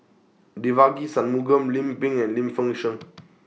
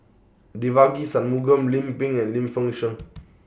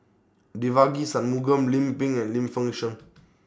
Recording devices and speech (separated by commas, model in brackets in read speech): mobile phone (iPhone 6), boundary microphone (BM630), standing microphone (AKG C214), read sentence